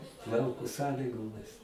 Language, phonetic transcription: Lithuanian, ˈlauko ˈsąlygomis

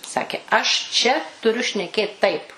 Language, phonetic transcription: Lithuanian, ˈsakė aš ˈčia tuˈriu šneˈkėt ˈtaip

